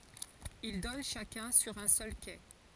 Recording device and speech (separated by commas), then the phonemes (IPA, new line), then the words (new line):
forehead accelerometer, read sentence
il dɔn ʃakœ̃ syʁ œ̃ sœl ke
Ils donnent chacun sur un seul quai.